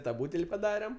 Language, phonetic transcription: Lithuanian, ta ˈbūtel' paˈdarem

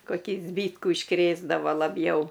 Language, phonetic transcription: Lithuanian, koˈkį ˈzbytkų išˈkrėsdava laˈbjau

